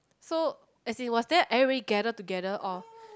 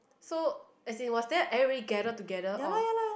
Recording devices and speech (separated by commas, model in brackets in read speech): close-talking microphone, boundary microphone, conversation in the same room